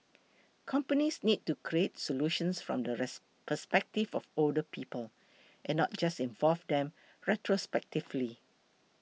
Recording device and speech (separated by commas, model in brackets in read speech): mobile phone (iPhone 6), read sentence